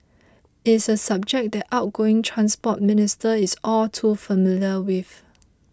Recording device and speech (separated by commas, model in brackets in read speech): close-talking microphone (WH20), read sentence